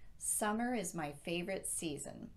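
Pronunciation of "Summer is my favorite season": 'Summer is my favorite season' is said with falling intonation at the end, as at the end of a complete sentence.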